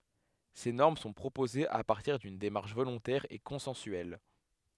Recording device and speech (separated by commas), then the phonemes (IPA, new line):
headset microphone, read sentence
se nɔʁm sɔ̃ pʁopozez a paʁtiʁ dyn demaʁʃ volɔ̃tɛʁ e kɔ̃sɑ̃syɛl